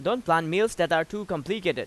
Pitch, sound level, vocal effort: 195 Hz, 94 dB SPL, loud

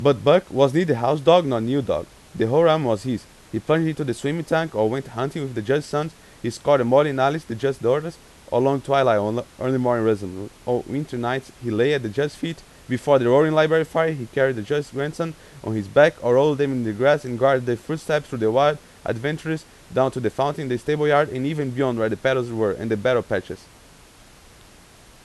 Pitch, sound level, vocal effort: 135 Hz, 91 dB SPL, very loud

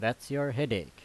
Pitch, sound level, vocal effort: 125 Hz, 87 dB SPL, loud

